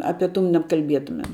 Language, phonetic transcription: Lithuanian, ˈape ˈtų nebkalˈbietumem

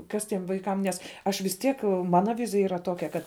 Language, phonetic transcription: Lithuanian, ˈkas ˈtiem vaiˈkam ˈnes ˈaš vis ˈtiek ˈmana ˈvizija ˈyra ˈtokia ˈkad

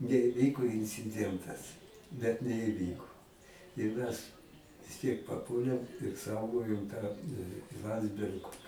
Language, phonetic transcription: Lithuanian, neiˈvyko inciˈdientas bet neiˈvyko ir mes vis ˈtiek paˈpuolėm ir ˈsaugojum tą ˈlandsberg

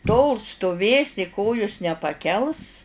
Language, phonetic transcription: Lithuanian, tol stuˈvėsi ˈkojus nepaˈkels

